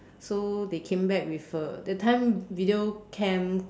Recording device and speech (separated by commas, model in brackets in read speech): standing microphone, conversation in separate rooms